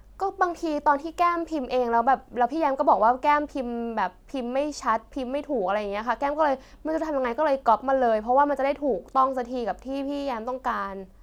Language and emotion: Thai, frustrated